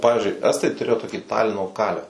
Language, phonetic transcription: Lithuanian, o ˈpavizdžiui ˈestai tuˈrėjo toˈkį ˈtalino kalev

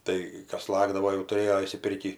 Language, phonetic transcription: Lithuanian, ˈtai ˈkas ˈlagdavo jau tuˈrėjo išsiˈpirkį

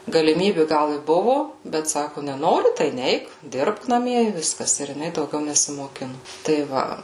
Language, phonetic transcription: Lithuanian, galiˈmybi ˈgal i ˈbuvu bet ˈsaku neˈnori tai ˈneik ˈdirbk naˈmie i ˈviskas ˈir jiˈnai dauˈgiau nesimoˈkinu tai ˈva

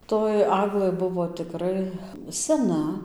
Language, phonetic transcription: Lithuanian, toj ˈaglɘ ˈbuvo tiˈkrai seˈna

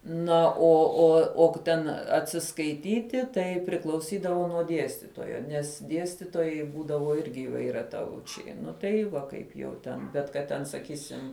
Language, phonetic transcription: Lithuanian, ˈna o o o k ˈten atsiskaiˈtyti ˈtai priklauˈsydavo nuo ˈdiestitojo nes ˈdiestitojai ˈbūdavo ˈirgi įvairiaˈtaučiai ˈnu tai ˈva kaip jau ˈten bet kad ˈten saˈkysim

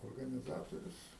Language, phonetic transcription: Lithuanian, organiˈzatorius

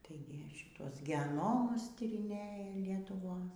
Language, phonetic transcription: Lithuanian, ˈtaigi šiˈtuos geˈnomus tyriˈnėja lietuˈvos

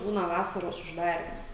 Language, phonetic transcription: Lithuanian, ˈbūna ˈvasaros užˈdarymas

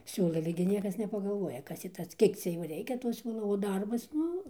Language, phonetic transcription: Lithuanian, ˈsiūlai ale gi ˈniekas nepagaˈlvuoja ˈkas tį ˈtas ˈkiek cia ˈjo ˈreikia to ˈsiūlo o ˈdarbas ˈnu

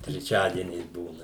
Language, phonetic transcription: Lithuanian, treˈčiadieniais ˈbūna

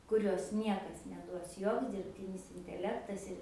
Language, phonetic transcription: Lithuanian, kuˈrios ˈniekas neˈduos ˈjoks dirbˈtinis inteˈlektas ir

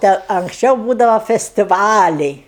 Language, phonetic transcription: Lithuanian, ˈte anksˈčiau ˈbūdava festiˈvaliai

